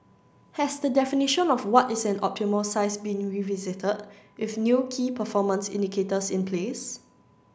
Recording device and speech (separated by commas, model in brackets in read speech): standing microphone (AKG C214), read sentence